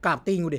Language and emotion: Thai, frustrated